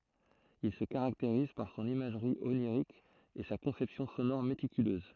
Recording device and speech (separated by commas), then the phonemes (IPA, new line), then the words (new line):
throat microphone, read sentence
il sə kaʁakteʁiz paʁ sɔ̃n imaʒʁi oniʁik e sa kɔ̃sɛpsjɔ̃ sonɔʁ metikyløz
Il se caractérise par son imagerie onirique et sa conception sonore méticuleuse.